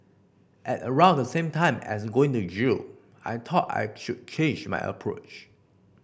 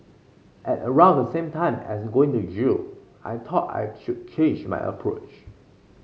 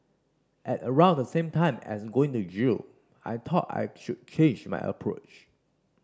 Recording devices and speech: boundary microphone (BM630), mobile phone (Samsung C5), standing microphone (AKG C214), read sentence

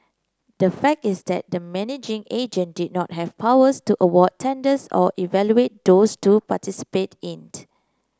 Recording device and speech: close-talking microphone (WH30), read sentence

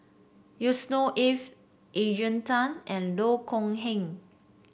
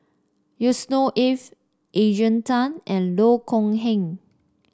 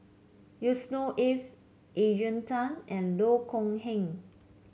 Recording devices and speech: boundary microphone (BM630), standing microphone (AKG C214), mobile phone (Samsung C7), read sentence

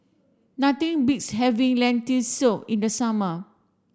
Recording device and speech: standing microphone (AKG C214), read sentence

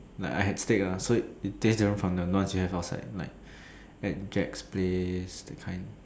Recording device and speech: standing microphone, conversation in separate rooms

